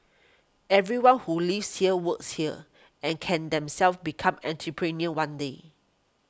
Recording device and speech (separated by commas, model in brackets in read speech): close-talking microphone (WH20), read sentence